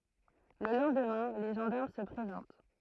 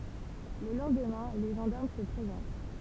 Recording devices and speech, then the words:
throat microphone, temple vibration pickup, read sentence
Le lendemain, les gendarmes se présentent.

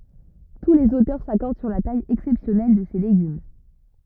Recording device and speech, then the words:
rigid in-ear microphone, read sentence
Tous les auteurs s'accordent sur la taille exceptionnelle de ces légumes.

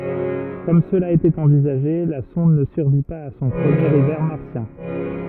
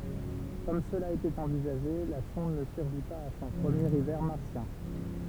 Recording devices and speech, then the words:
rigid in-ear microphone, temple vibration pickup, read sentence
Comme cela était envisagé, la sonde ne survit pas à son premier hiver martien.

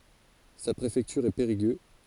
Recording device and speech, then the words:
forehead accelerometer, read sentence
Sa préfecture est Périgueux.

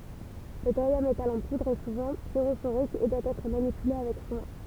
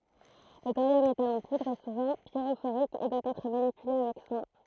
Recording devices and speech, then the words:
temple vibration pickup, throat microphone, read sentence
Le thorium métal en poudre est souvent pyrophorique et doit être manipulé avec soin.

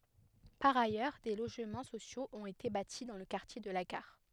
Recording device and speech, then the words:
headset microphone, read sentence
Par ailleurs, des logements sociaux ont été bâtis dans le quartier de la gare.

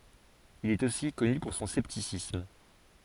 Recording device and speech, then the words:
forehead accelerometer, read sentence
Il est aussi connu pour son scepticisme.

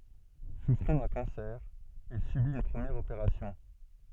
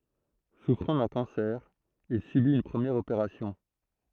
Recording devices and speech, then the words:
soft in-ear microphone, throat microphone, read sentence
Souffrant d’un cancer, il subit une première opération.

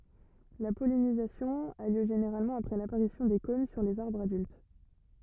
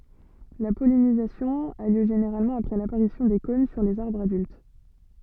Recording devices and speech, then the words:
rigid in-ear microphone, soft in-ear microphone, read sentence
La pollinisation a lieu généralement après l'apparition des cônes sur les arbres adultes.

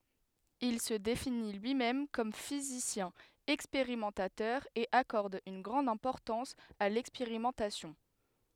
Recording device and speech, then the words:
headset microphone, read sentence
Il se définit lui-même comme physicien expérimentateur et accorde une grande importance à l'expérimentation.

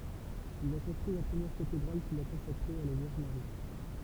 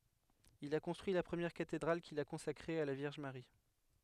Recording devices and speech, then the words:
temple vibration pickup, headset microphone, read sentence
Il a construit la première cathédrale qu'il a consacrée à la Vierge Marie.

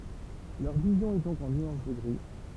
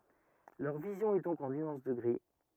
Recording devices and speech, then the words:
temple vibration pickup, rigid in-ear microphone, read sentence
Leur vision est donc en nuances de gris.

